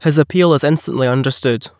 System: none